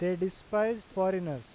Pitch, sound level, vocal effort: 190 Hz, 93 dB SPL, loud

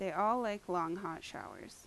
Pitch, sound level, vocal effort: 190 Hz, 82 dB SPL, normal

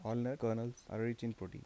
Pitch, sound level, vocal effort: 115 Hz, 81 dB SPL, soft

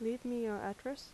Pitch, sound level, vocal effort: 230 Hz, 81 dB SPL, soft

